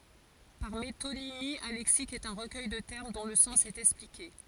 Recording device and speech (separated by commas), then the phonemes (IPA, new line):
forehead accelerometer, read sentence
paʁ metonimi œ̃ lɛksik ɛt œ̃ ʁəkœj də tɛʁm dɔ̃ lə sɑ̃s ɛt ɛksplike